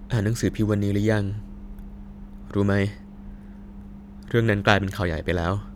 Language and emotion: Thai, sad